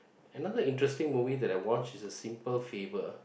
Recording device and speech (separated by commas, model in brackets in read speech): boundary microphone, conversation in the same room